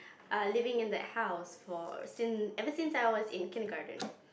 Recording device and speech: boundary microphone, conversation in the same room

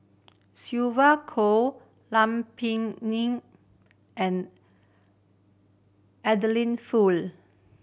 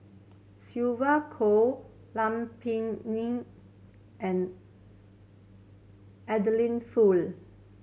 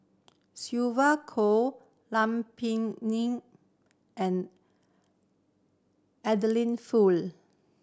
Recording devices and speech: boundary microphone (BM630), mobile phone (Samsung C7100), standing microphone (AKG C214), read sentence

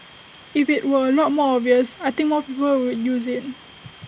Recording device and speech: boundary microphone (BM630), read sentence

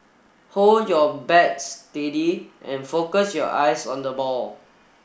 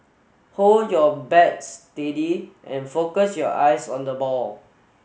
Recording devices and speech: boundary microphone (BM630), mobile phone (Samsung S8), read sentence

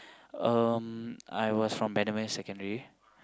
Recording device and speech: close-talking microphone, conversation in the same room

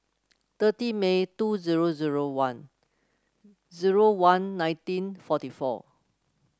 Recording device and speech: close-talking microphone (WH30), read sentence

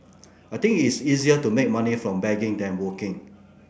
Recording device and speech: boundary microphone (BM630), read sentence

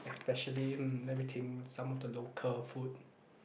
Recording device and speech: boundary microphone, conversation in the same room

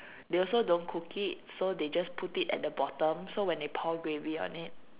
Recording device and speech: telephone, conversation in separate rooms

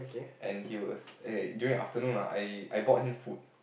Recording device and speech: boundary microphone, conversation in the same room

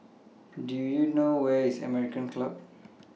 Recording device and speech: mobile phone (iPhone 6), read sentence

